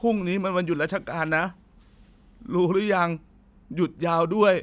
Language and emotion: Thai, sad